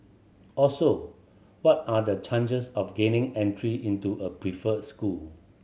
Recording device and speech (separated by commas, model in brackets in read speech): mobile phone (Samsung C7100), read sentence